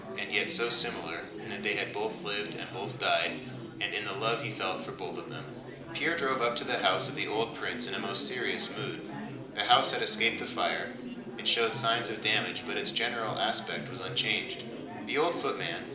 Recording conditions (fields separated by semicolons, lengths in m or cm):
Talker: one person; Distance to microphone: 2.0 m; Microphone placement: close; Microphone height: 99 cm; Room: medium-sized (5.7 m by 4.0 m); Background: babble